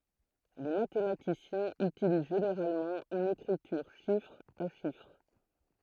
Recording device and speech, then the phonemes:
throat microphone, read sentence
le matematisjɛ̃z ytiliz ʒeneʁalmɑ̃ yn ekʁityʁ ʃifʁ a ʃifʁ

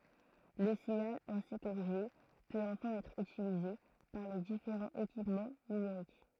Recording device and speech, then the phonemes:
throat microphone, read sentence
lə siɲal ɛ̃si koʁiʒe pøt ɑ̃fɛ̃ ɛtʁ ytilize paʁ le difeʁɑ̃z ekipmɑ̃ nymeʁik

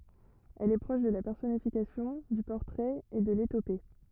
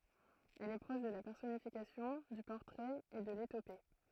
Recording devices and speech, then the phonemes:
rigid in-ear microphone, throat microphone, read sentence
ɛl ɛ pʁɔʃ də la pɛʁsɔnifikasjɔ̃ dy pɔʁtʁɛt e də letope

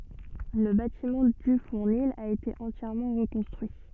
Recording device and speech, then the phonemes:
soft in-ear microphone, read sentence
lə batimɑ̃ dy fuʁnil a ete ɑ̃tjɛʁmɑ̃ ʁəkɔ̃stʁyi

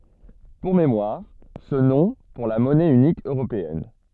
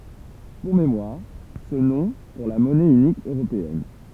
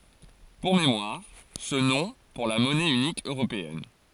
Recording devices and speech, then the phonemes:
soft in-ear microphone, temple vibration pickup, forehead accelerometer, read sentence
puʁ memwaʁ sə nɔ̃ puʁ la mɔnɛ ynik øʁopeɛn

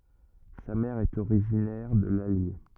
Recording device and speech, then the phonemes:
rigid in-ear microphone, read sentence
sa mɛʁ ɛt oʁiʒinɛʁ də lalje

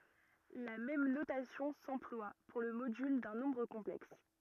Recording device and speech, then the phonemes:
rigid in-ear microphone, read sentence
la mɛm notasjɔ̃ sɑ̃plwa puʁ lə modyl dœ̃ nɔ̃bʁ kɔ̃plɛks

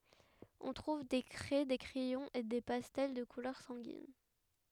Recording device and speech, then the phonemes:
headset microphone, read sentence
ɔ̃ tʁuv de kʁɛ de kʁɛjɔ̃z e de pastɛl də kulœʁ sɑ̃ɡin

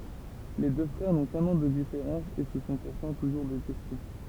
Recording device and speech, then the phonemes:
temple vibration pickup, read sentence
le dø fʁɛʁ nɔ̃ kœ̃n ɑ̃ də difeʁɑ̃s e sə sɔ̃ puʁtɑ̃ tuʒuʁ detɛste

